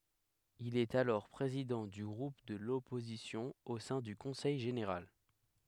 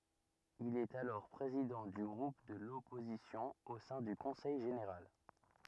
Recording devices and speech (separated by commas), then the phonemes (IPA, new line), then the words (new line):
headset microphone, rigid in-ear microphone, read sentence
il ɛt alɔʁ pʁezidɑ̃ dy ɡʁup də lɔpozisjɔ̃ o sɛ̃ dy kɔ̃sɛj ʒeneʁal
Il est alors président du groupe de l’opposition au sein du Conseil général.